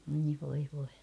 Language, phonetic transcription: Finnish, oi voi voi .
- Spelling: oi voi voi

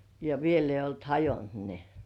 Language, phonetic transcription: Finnish, ja 'viel ‿eij̆j ‿olt "hajont ne .
- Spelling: ja vielä ei ollut hajonnut ne

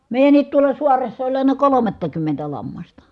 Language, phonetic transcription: Finnish, mèi̮jänniit tuola suaressa oĺ àena kolomattakymmentä lammasta .
- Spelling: meidänkin tuolla saaressa oli aina kolmattakymmentä lammasta

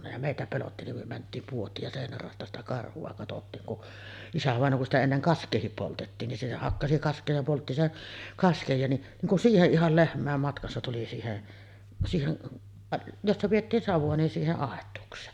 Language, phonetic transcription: Finnish, ja 'mèitä pelotti nim myö 'mänt̆tiim 'puot̆tiik ja sèinär ràosta sitä 'karhu₍a katottiiŋ kun , "isävàeǹoo kun sitä enneŋ "kask̆keehip 'poltettiin ni , se 'hakkasi 'kask̀ee ja poltti 'sen , "kaskej ja ni’ , niiŋ kun "siiheˀ 'ˀihal 'lehm̀ä̀em matkassa tuli siihe’ , 'siihen , "jossa piʲettiin savu₍a nin 'siiheˀ "ˀàet̀uuks̀een .
- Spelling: ja meitä pelotti niin me mentiin puotiin ja seinän raosta sitä karhua katsottiin kun isävainaja kun sitä ennen kaskeakin poltettiin niin se hakkasi kaskea ja poltti sen kasken ja niin niin kuin siihen ihan lehmien matkassa tuli siihen siihen jossa pidettiin savua niin siihen aitaukseen

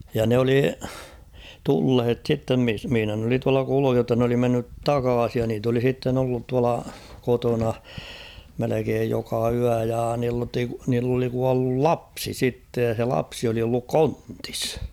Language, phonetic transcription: Finnish, ja 'ne oli , "tulhet 'sittem mis- mihⁱnä n ‿oli tuala 'kuluuh jotta n ‿oli mennyt "takaasij ja niit ‿oli 'sitten ‿ollut tuala 'kotona , 'melekeej joka 'yä ja niil- niilt ‿oli 'kuallul "lapsi 'sittej ja se 'lapsi oli olluk ''kontɪs .
- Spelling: ja ne oli tulleet sitten - missä ne oli tuolla kulussa jotta ne oli mennyt takaisin ja niitä oli sitten ollut tuolla kotona melkein joka yö ja - niiltä oli kuollut lapsi sitten ja se lapsi oli ollut kontissa

